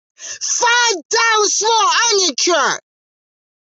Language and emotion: English, neutral